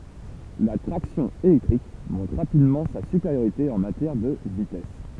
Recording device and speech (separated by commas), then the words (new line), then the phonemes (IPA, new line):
temple vibration pickup, read sentence
La traction électrique montre rapidement sa supériorité en matière de vitesse.
la tʁaksjɔ̃ elɛktʁik mɔ̃tʁ ʁapidmɑ̃ sa sypeʁjoʁite ɑ̃ matjɛʁ də vitɛs